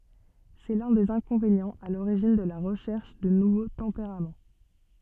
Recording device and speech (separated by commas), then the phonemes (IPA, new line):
soft in-ear microphone, read sentence
sɛ lœ̃ dez ɛ̃kɔ̃venjɑ̃z a loʁiʒin də la ʁəʃɛʁʃ də nuvo tɑ̃peʁam